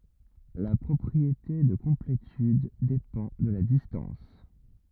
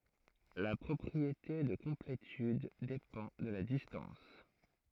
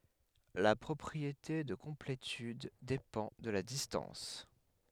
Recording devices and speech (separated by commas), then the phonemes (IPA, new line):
rigid in-ear microphone, throat microphone, headset microphone, read sentence
la pʁɔpʁiete də kɔ̃pletyd depɑ̃ də la distɑ̃s